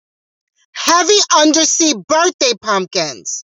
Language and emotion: English, angry